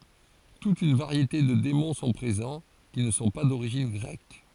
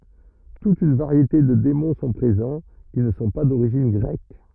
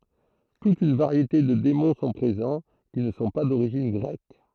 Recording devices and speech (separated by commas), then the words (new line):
forehead accelerometer, rigid in-ear microphone, throat microphone, read sentence
Toute une variété de démons sont présents, qui ne sont pas d'origine grecque.